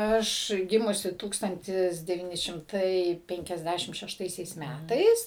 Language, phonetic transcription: Lithuanian, ˈaš ˈgimusi ˈtūkstantis devyˈni šimˈtai ˌpenkiasˈdæšim šešˈtaisiais ˈmætais

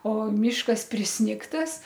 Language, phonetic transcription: Lithuanian, o ˈmyškas prisˈnigtas

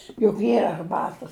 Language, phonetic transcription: Lithuanian, juk ˈyra arˈbatas

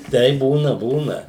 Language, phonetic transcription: Lithuanian, ˈteip ˈbūna ˈbūna

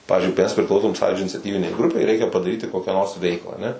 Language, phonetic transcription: Lithuanian, ˈpavizdžiui mes priˈklausom ˈsąjūdžio iniciaˈtyvinei ˈgrupei ˈreikia padaˈryti ˈkokią nors ˈveiklą aˈne

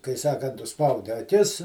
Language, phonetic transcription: Lithuanian, kai ˈsakant užˈspaudi aˈkis

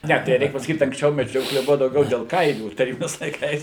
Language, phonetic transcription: Lithuanian, ˈne tai ˈreik pasaˈkyt anksˈčiau meˈdžiokle ˈbuva dauˈgiau del ˈkailių taˈrybiniais laiˈkais

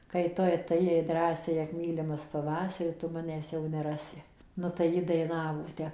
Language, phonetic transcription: Lithuanian, kai ˈtu atɘˈjai ˈdrąsiai ak ˈmylimas paˈvasari tu ˈmanęs jau neˈrasi ˈnu tai ˈji daiˈnavo ˈte

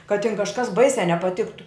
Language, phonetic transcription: Lithuanian, kad tin kažˈkas ˈbaisiā nepaˈtiktu

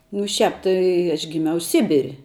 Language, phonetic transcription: Lithuanian, nu ˈšiāp ˈtai aš giˈmiau ˈsibir'

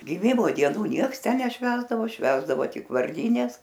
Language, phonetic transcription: Lithuanian, giˈmimo dieˈnų ˈnieks ˈten neˈšvęsdavo ˈšvęsdavo ˈtik varˈdynes

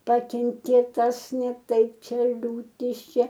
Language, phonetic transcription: Lithuanian, ˈpakenkė ˈtas ne ˈtaip ˈčia liūˈtis ˈčia

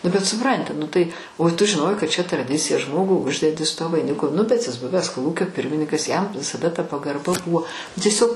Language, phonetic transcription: Lithuanian, nu bet suˈpranti nu tai o tu žiˈnojai kad čia traˈdicija ˈžmogu ˈuždedi su tuo vaiˈniku nu bet jis ˈbuves koˈlūkio ˈpirminikas jam visaˈda ta pagarˈba ˈbuvo tieˈsiog

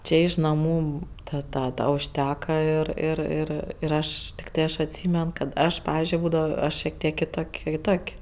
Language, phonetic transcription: Lithuanian, ˈčė iš naˈmų ˈtad ˈtą da užˈteka ir ir ˈir ir ˈaš tikˈtai ˈaš atˈsymen kad ˈaš ˈpavizdžiui ˈbūdavo ˈaš šiek ˈtiek kiˈtok' kiˈtok'

